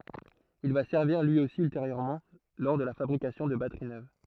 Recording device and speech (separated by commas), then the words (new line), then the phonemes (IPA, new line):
throat microphone, read sentence
Il va servir lui aussi ultérieurement lors de la fabrication de batteries neuves.
il va sɛʁviʁ lyi osi ylteʁjøʁmɑ̃ lɔʁ də la fabʁikasjɔ̃ də batəʁi nøv